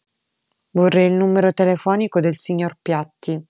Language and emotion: Italian, neutral